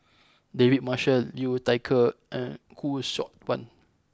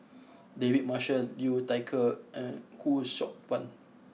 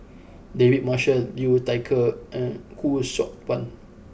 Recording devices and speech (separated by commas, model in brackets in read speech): close-talking microphone (WH20), mobile phone (iPhone 6), boundary microphone (BM630), read sentence